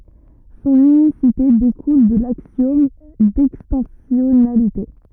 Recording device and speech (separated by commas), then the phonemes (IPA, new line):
rigid in-ear microphone, read sentence
sɔ̃n ynisite dekul də laksjɔm dɛkstɑ̃sjɔnalite